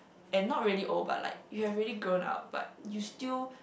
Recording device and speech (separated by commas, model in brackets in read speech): boundary microphone, conversation in the same room